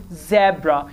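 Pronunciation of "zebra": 'Zebra' is said with the British pronunciation, not the American one.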